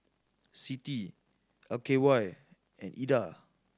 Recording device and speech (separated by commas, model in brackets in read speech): standing microphone (AKG C214), read sentence